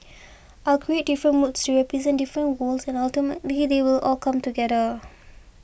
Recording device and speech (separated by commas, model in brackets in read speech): boundary microphone (BM630), read sentence